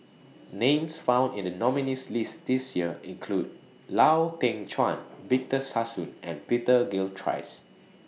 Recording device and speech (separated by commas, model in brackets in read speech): mobile phone (iPhone 6), read sentence